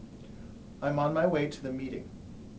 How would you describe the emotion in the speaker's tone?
neutral